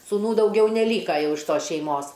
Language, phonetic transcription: Lithuanian, sūˈnų dauˈgiau neˈlyka ˈjau iš ˈtos šeiˈmos

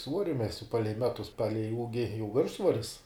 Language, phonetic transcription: Lithuanian, ˈsvuori ˈmesiu ˈpalei ˈmetus ˈpalei ˈūgi jau ˈviršsvoris

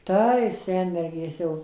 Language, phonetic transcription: Lithuanian, ˈtai ˈsenmergės jau

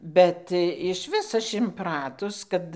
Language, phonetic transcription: Lithuanian, ˈbet išˈvis ˈaš inˈpratus ˈkad

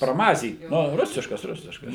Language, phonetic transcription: Lithuanian, praˈmazyt ˈnu ˈrusiškas ˈrusiškas

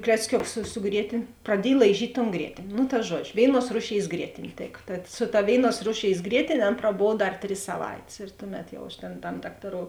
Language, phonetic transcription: Lithuanian, klecˈkiuks su su ˈgrietėn' praˈdiej laiˈžyt' ton ˈgrietėn' nu ta ˈžuodžiu ˈvėiˌnuos ˈrūˌšėis ˈgrietėn' ˈtėka tad su ta ˈvėiˌnuos ˈrūˌšėis ˈgrietėn' ˈan praˈbov ˈdar ˈtris saˈvaitės ir ˈtuˌmet jau aš tėn tam ˈdaktaˌrou

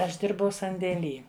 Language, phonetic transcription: Lithuanian, ˈaš ˈdirbau sandėˈly

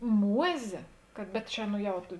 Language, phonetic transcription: Lithuanian, ˈmuozė kad bet ˈčia nu ˈjau tu

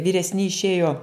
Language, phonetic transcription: Lithuanian, vyresˈni išˈėjo

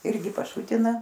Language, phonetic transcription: Lithuanian, ˈirgi paˈšutina

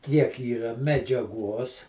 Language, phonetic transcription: Lithuanian, ˈkiek ˈyra medžiaˈgu os

